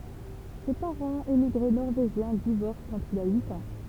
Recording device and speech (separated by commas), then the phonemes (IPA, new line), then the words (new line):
temple vibration pickup, read sentence
se paʁɑ̃z emiɡʁe nɔʁveʒjɛ̃ divɔʁs kɑ̃t il a yit ɑ̃
Ses parents, émigrés norvégiens, divorcent quand il a huit ans.